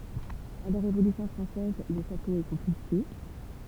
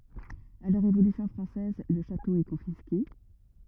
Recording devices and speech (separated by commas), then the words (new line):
temple vibration pickup, rigid in-ear microphone, read sentence
À la Révolution française, le château est confisqué.